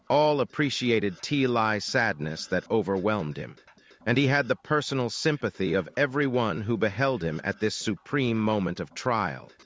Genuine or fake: fake